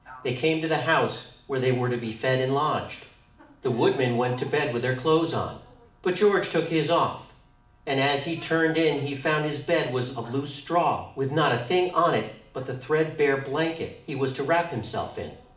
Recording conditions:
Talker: one person; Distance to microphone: 2.0 m; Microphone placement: close; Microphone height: 99 cm; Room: medium-sized (5.7 m by 4.0 m); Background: television

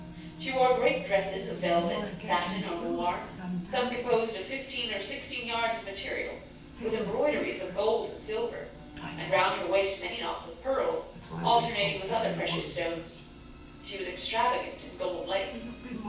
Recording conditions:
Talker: one person; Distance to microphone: 9.8 m; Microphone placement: far; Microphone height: 1.8 m; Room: large; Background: television

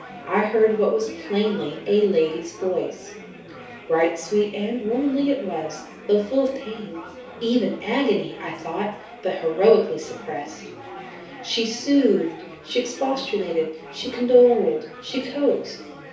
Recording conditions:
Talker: one person; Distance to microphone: 3.0 m; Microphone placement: far; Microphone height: 1.8 m; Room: small (3.7 m by 2.7 m); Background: babble

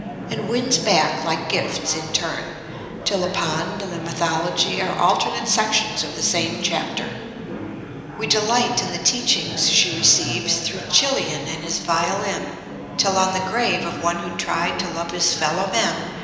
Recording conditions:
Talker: one person; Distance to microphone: 1.7 m; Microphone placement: close; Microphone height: 1.0 m; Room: very reverberant, large; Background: babble

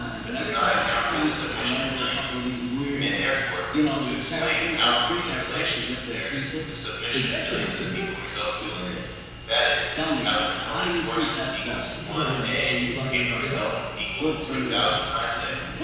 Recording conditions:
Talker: one person; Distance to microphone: 7.1 m; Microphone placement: far; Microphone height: 1.7 m; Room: very reverberant, large; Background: television

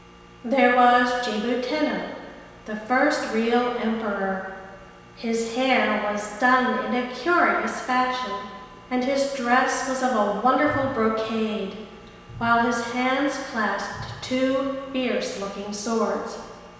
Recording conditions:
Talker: one person; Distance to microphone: 1.7 m; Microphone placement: close; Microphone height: 1.0 m; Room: very reverberant, large; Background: none

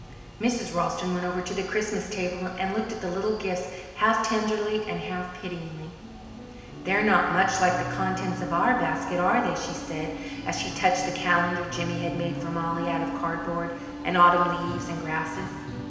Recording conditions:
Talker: one person; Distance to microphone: 1.7 m; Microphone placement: close; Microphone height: 1.0 m; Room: very reverberant, large; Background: music

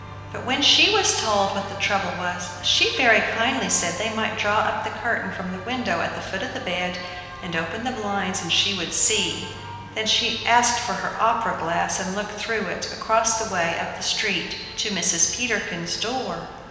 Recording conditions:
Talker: one person; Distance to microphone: 1.7 m; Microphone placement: close; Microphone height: 1.0 m; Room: very reverberant, large; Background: music

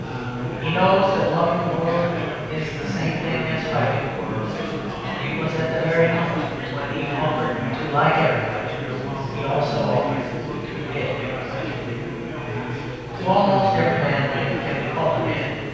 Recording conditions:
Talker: one person; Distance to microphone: 7.1 m; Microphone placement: far; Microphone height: 1.7 m; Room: very reverberant, large; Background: babble

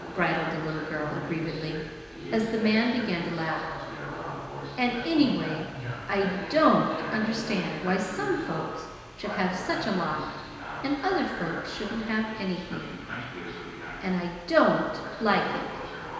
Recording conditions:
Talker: one person; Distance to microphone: 1.7 m; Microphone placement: close; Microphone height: 1.0 m; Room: very reverberant, large; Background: television

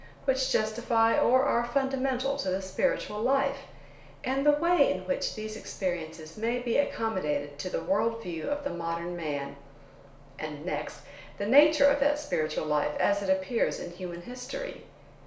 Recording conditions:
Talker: one person; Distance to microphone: 1.0 m; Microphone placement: close; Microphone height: 1.1 m; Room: small (3.7 m by 2.7 m); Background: none

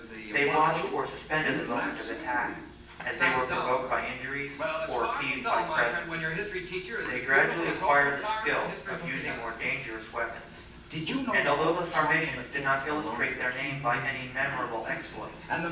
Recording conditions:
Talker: one person; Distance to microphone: 9.8 m; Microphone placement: far; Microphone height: 1.8 m; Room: large; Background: television

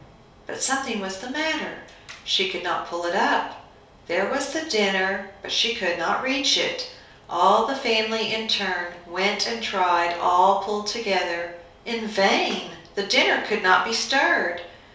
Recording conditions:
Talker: one person; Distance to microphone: 3.0 m; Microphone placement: far; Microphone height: 1.8 m; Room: small (3.7 m by 2.7 m); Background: none

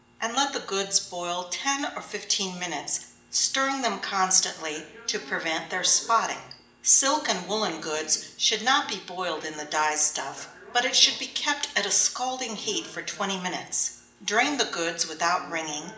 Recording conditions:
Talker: one person; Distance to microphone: 1.8 m; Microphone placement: close; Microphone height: 1.0 m; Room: large; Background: television

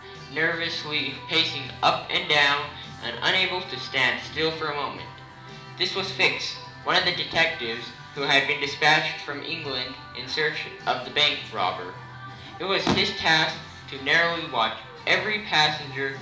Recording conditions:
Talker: one person; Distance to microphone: 2.0 m; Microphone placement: close; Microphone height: 99 cm; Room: medium-sized (5.7 m by 4.0 m); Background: music

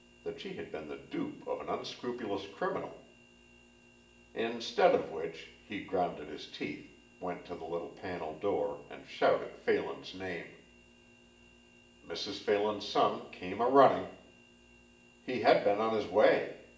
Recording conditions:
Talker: one person; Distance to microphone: 1.8 m; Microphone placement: close; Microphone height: 1.0 m; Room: large; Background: none

